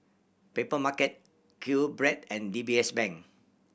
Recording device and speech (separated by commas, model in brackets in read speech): boundary microphone (BM630), read sentence